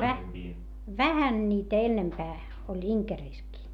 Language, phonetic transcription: Finnish, vä- , vähän ńiitä ennempää , oĺ Iŋkerìskii .
- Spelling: - vähän niitä enempää oli Inkerissäkin

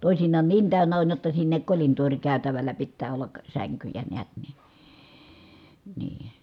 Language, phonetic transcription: Finnish, tòisiǹaan niin tä̀önnä on jotta sinnek kolintooŕkä̀y̬tävällä pittää ollak , säŋkyjä neät niN , nii .
- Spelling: toisinaan niin täynnä on jotta sinne kolintoorikäytävällä pitää olla sänkyjä näet niin niin

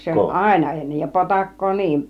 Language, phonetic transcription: Finnish, 'se oĺ "àina ennej ja 'potak̀koo 'niin .
- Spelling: se oli aina ennen ja potakkaa niin

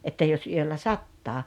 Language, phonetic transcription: Finnish, 'että jos 'yöllä "sattaa .
- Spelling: että jos yöllä sataa

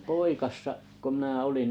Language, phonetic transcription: Finnish, poikassa’ , ko 'mnää "oliŋ .
- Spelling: poikasena kun minä olin

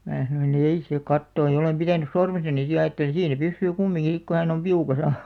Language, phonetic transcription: Finnish, mää sanoi'n‿ » ei 'se "kattooj̆ « ja 'olem pitänys̆ 'sormesani si ja ajatteliḭ 'siin̬ se 'pyssyy "kummiŋki sik ku hän ‿om "piukasa .
- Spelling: minä sanoin ei se katoa ja olen pitänyt sormessani sitten ja ajattelin siinä se pysyy kumminkin sitten kun hän on piukassa

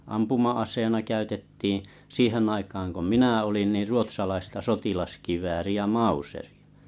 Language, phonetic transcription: Finnish, 'ampuma₍as̀eena 'käytettiiḭ , "siihen aikaaŋ ko "minä 'olin nir 'ruot̳s̳alaista 'sotilaskivääri₍ä "mauserɪ₍ᴀ .
- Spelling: ampuma-aseena käytettiin siihen aikaan kun minä olin niin ruotsalaista sotilaskivääriä mauseria

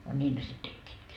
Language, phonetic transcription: Finnish, no 'ńiin ne sit 'tekkiitkii .
- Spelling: no niin ne sitten tekivätkin

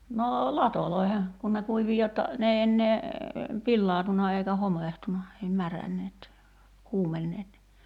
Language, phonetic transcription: Finnish, noo "latoloi̬he , kun ne 'kuivi 'jotta , 'n ‿ei ennee , 'pillaatuna eikä 'homèhtuna , ei 'märänneet , "kuumenneet ni ,.
- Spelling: no latoihin kun ne kuivui jotta ne ei enää pilaantunut eikä homehtunut ei märänneet kuumenneet niin

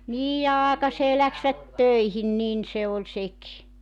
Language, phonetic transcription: Finnish, 'niij ja "aakasee läksvät "töihin 'nin se oĺ 'seki .
- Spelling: niin ja aikaiseen lähtivät töihin niin se oli sekin

